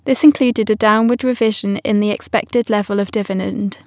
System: none